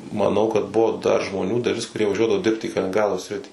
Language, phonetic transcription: Lithuanian, maˈnau kad ˈbuvo dar žmoˈnių daˈlis kuˈrie vaˈžiuodavo ˈdirbt į kaliningˈrado ˈsritį

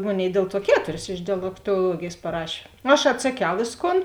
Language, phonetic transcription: Lithuanian, ˈmoˌnėi ˈdėl ˌtuo ˈketuris iš dialektoˈluogėjės paˈrašė aš atsaˈkiau ˈvėsˌkon

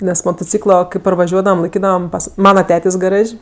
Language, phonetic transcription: Lithuanian, nes motoˈcyklo kai parvaˈžiuodavam laiˈkydavam ˈpas ˈmana ˈtėtės' gaˈraž'

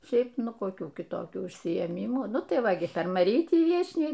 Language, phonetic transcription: Lithuanian, ˈšiaip ˈnu koˈkių kiˈtokių užsiėˈmymų ˈnu tai ˈva gi per maˈrytį ˈviečniai

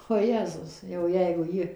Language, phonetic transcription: Lithuanian, oˈjezus jau ˈjeigu ˈji

